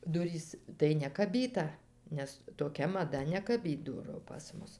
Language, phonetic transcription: Lithuanian, ˈdurys tai nekaˈbyta nes toˈkia maˈda nekaˈbyt ˈduru pas ˈmus

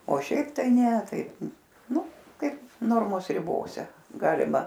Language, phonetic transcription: Lithuanian, o ˈšiaip tai ˈne tai ˈnu ˈkaip ˈnormos riˈbose ˈgalima

